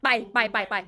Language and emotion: Thai, angry